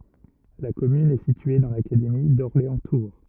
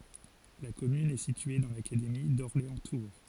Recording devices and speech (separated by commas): rigid in-ear microphone, forehead accelerometer, read sentence